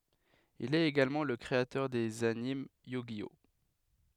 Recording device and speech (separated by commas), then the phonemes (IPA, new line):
headset microphone, read sentence
il ɛt eɡalmɑ̃ lə kʁeatœʁ dez anim jy ʒi ɔ